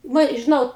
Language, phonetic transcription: Lithuanian, ˈva i žiˈnau

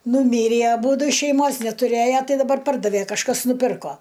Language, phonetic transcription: Lithuanian, nūˈmyrį aˈbūdu šeiˈmos netuˈrėja ˈtai daˈbar ˈpardavė kažˈkas nuˈpirko

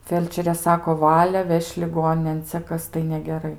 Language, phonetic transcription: Lithuanian, ˈfelčerė ˈsako ˈvale ˈveš' liˈgoninėn ˈcia ˈkas tai negeˈrai

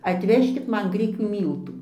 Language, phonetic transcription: Lithuanian, atˈvežkit ˈman ˈgrikių ˈmyltų

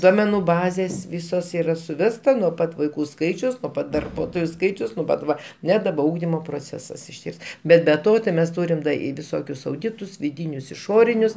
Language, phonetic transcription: Lithuanian, ˈduomenu ˈbazės ˈvysos ˈyra suˈvesta nuo ˈpat vaiˈkų ˈskaičius nuo ˈpat darˈbuotoju ˈskaičiaus nuo ˈpat ˈva ˈne daˈba ˈūgdimo proˈcesas išˈties ˈbet be ˈto tai ˈmes ˈtūrim da i viˈsokius auˈditus viˈdynius iˈšorinius

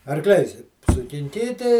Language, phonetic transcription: Lithuanian, arˈkliais sukinˈkyti

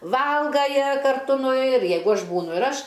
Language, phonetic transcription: Lithuanian, ˈvalga ˈjie karˈtu nu ir ˈjeigu ˈaš ˈbūnu ir ˈaš

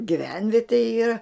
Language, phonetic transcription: Lithuanian, giˈvenvietė ˈyra

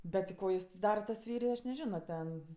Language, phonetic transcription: Lithuanian, bet ti ˈko ˈjis ten ˈdara tas ˈfeiri aš neˈžino ˈten

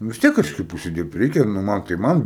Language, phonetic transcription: Lithuanian, vis ˈtiek kažˈkaip užsiˈdyrbt ˈreikia nu ˈman tai ˈman

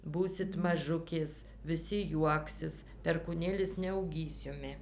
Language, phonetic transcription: Lithuanian, ˈbūsit maˈžukės viˈsi ˈjuoksis perkūˈnėlis neauˈgys ˈjumi

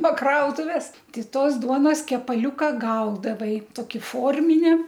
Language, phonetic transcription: Lithuanian, no ˈkrautuves ˈti ˈtos ˈduonos kepaˈliuka ˈgaudavai ˈtoki ˈformine

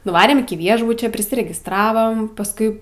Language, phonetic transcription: Lithuanian, nuˈvarėm iki ˈviešbučio prisiregistˈravom pasˈkui

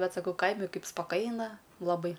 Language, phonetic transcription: Lithuanian, ˈbet saˈkau ˈkaimi ˈkaip spaˈkaina laˈbai

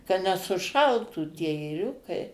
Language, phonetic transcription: Lithuanian, ka nesuˈšaltų tie ėˈriukai

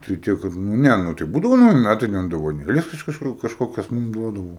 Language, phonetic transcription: Lithuanian, tai ˈte kad nu ˈne nu tai ˈbūdavo nauˈji ˈmætai ten dovaˈnėles iš ˈkažk kažˈkokias ˈmum ˈduodavo

